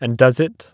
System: none